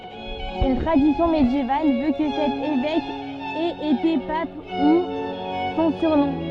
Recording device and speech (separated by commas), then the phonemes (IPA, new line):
soft in-ear microphone, read sentence
yn tʁadisjɔ̃ medjeval vø kə sɛt evɛk ɛt ete pap du sɔ̃ syʁnɔ̃